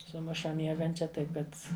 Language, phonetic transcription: Lithuanian, suˈmuša ˈmiegančia ˈtaip ˈkad

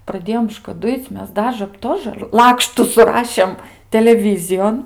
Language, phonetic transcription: Lithuanian, praˈdėjom škaˈduic' ˈmes ˈdažə ˈtožə ˈlakštu suˈrašėm teleˈvyzijon

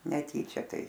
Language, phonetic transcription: Lithuanian, neˈtyčia ˈtai

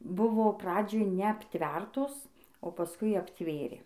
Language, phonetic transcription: Lithuanian, ˈbuvo ˈpradžioj neapˈtvertos o paˈskui apˈtvėrė

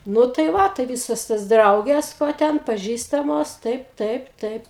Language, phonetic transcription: Lithuanian, ˈnu tai ˈva tai ˈvysos tos ˈdraugės vo ˈten paˈžįstamos ˈtaip ˈtaip ˈtaip

